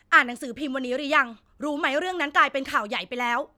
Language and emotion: Thai, angry